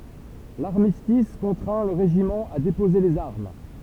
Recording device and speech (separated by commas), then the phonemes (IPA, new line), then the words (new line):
temple vibration pickup, read sentence
laʁmistis kɔ̃tʁɛ̃ lə ʁeʒimɑ̃ a depoze lez aʁm
L'armistice contraint le régiment à déposer les armes.